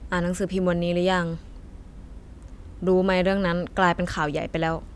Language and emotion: Thai, neutral